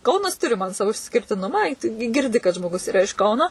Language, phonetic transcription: Lithuanian, ˈkaunas ˈturi man ˈsavo išskirtiˈnumą i ˈ tu gi girˈdi kad žmoˈgus iˈra iš ˈkauno

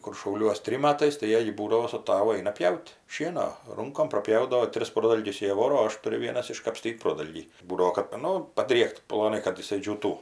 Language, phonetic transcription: Lithuanian, kur šauˈliuos ˈtrim ˈmatais tai ˈjiej ˈbūdavo su ˈtavu ˈaina ˈpjaut' ˈšieno ˈrunkom praˈpjaudavo ˈtris ˈprodalgius ˈjie ˈvoro o ˈaš ˈturiu ˈvienas iškapˈstyt' ˈprodalgį ˈbūdavo kad ˈnu padriekt ploˈnai kad jiˈsai džiūˈtų

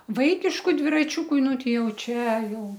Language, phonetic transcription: Lithuanian, ˈvaikišku dviraˈčiūku ˈnu ˈtei ˈjau ˈčiaˈjau

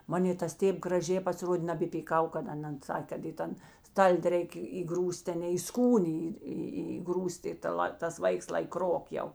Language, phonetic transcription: Lithuanian, ˈmanė tas ˈtėp graˈžė pasiˈrodė nabepyˈkau kad aˈnan ˈsakė kad į ˈtan ˈstaldi ˈreikė įˈgrūs't' teˈnei į ˈskūnė į ˈį įˈgrūs't' i ta ˈla tas ˈvaiks lai ˈkrok jau

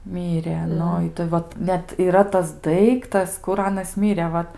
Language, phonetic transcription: Lithuanian, ˈmyre ˈnu ˈitai ˈvat ˈnet yˈra tas ˈdaiktas kur ˈanas ˈmire ˈvat

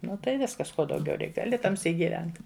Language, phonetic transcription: Lithuanian, ˈnu tai ˈviskas ˈko dauˈgiau ˈreik gaˈli taˈmsyk giˈvent

